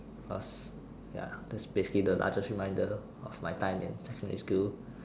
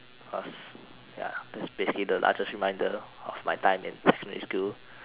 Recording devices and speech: standing microphone, telephone, conversation in separate rooms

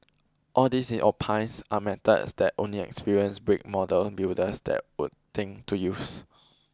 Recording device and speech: close-talking microphone (WH20), read sentence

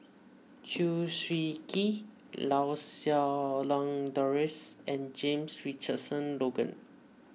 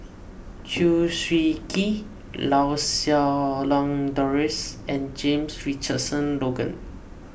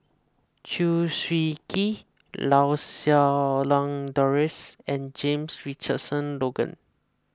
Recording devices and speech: mobile phone (iPhone 6), boundary microphone (BM630), close-talking microphone (WH20), read sentence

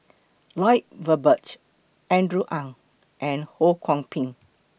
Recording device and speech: boundary microphone (BM630), read sentence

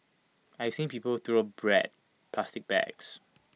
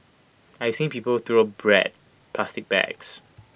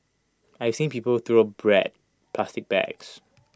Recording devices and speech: mobile phone (iPhone 6), boundary microphone (BM630), close-talking microphone (WH20), read sentence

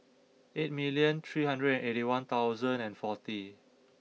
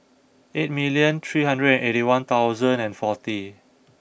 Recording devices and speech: mobile phone (iPhone 6), boundary microphone (BM630), read sentence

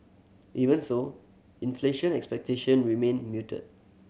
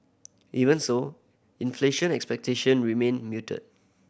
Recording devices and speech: mobile phone (Samsung C7100), boundary microphone (BM630), read sentence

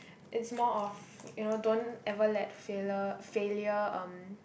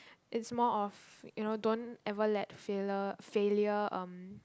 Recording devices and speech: boundary microphone, close-talking microphone, conversation in the same room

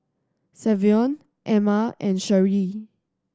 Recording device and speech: standing microphone (AKG C214), read sentence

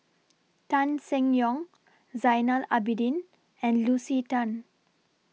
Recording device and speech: mobile phone (iPhone 6), read sentence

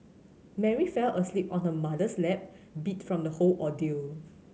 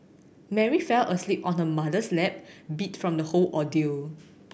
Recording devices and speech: mobile phone (Samsung C7100), boundary microphone (BM630), read sentence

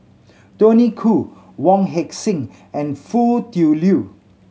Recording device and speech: mobile phone (Samsung C7100), read sentence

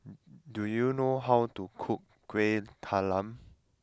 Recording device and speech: close-talking microphone (WH20), read sentence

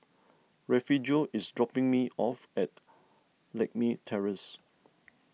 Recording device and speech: mobile phone (iPhone 6), read sentence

